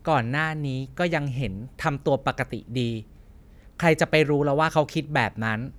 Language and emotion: Thai, frustrated